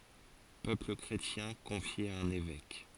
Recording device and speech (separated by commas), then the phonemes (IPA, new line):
forehead accelerometer, read sentence
pøpl kʁetjɛ̃ kɔ̃fje a œ̃n evɛk